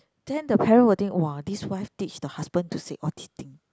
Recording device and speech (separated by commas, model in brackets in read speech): close-talking microphone, conversation in the same room